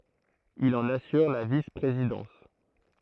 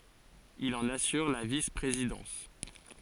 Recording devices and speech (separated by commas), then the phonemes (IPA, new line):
throat microphone, forehead accelerometer, read sentence
il ɑ̃n asyʁ la vispʁezidɑ̃s